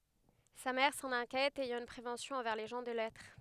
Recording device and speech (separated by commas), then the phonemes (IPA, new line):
headset microphone, read sentence
sa mɛʁ sɑ̃n ɛ̃kjɛt ɛjɑ̃ yn pʁevɑ̃sjɔ̃ ɑ̃vɛʁ le ʒɑ̃ də lɛtʁ